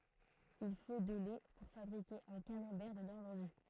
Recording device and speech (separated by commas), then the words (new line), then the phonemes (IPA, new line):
throat microphone, read sentence
Il faut de lait pour fabriquer un camembert de Normandie.
il fo də lɛ puʁ fabʁike œ̃ kamɑ̃bɛʁ də nɔʁmɑ̃di